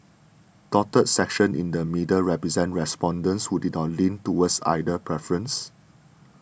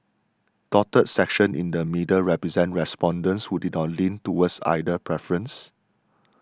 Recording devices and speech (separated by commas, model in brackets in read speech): boundary microphone (BM630), standing microphone (AKG C214), read sentence